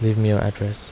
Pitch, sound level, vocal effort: 105 Hz, 76 dB SPL, soft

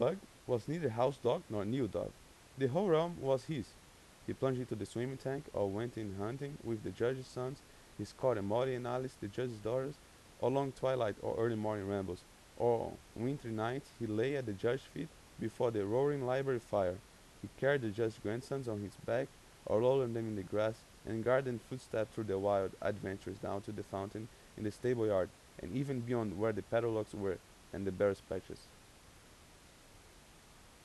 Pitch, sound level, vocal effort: 115 Hz, 86 dB SPL, normal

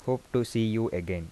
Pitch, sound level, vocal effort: 115 Hz, 81 dB SPL, soft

